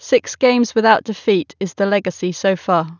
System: none